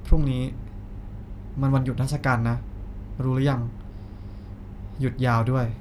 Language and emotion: Thai, neutral